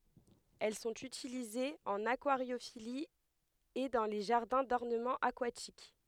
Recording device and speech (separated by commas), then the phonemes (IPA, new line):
headset microphone, read sentence
ɛl sɔ̃t ytilizez ɑ̃n akwaʁjofili e dɑ̃ le ʒaʁdɛ̃ dɔʁnəmɑ̃ akwatik